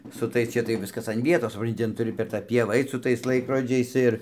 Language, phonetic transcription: Lithuanian, su ˈtais ˈčia tai ˈviskas an ˈvietos suˈpranti ˈten tuˈri per tą ˈpievą ˈait su ˈtais ˈlaikrodžiais ˈir

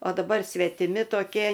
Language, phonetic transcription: Lithuanian, o daˈbar svetiˈmi toˈkie

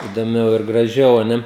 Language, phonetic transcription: Lithuanian, idoˈmiau ir graˈžiau o ˈne

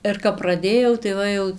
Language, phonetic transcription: Lithuanian, ir kap praˈdėjau tai ˈva jau

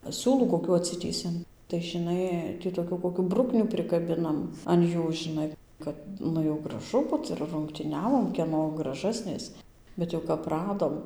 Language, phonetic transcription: Lithuanian, ˈsiūlų koˈkių atˈsitįsiam tai žiˈnai tį toˈkių koˈkių ˈbruknių prikaˈbinam an ˈjų žiˈnai ˈkad ˈnu jau graˈžu ˈbut ir rungtyˈniavom kieˈno graˈžasnės bet ˈjau kap ˈradom

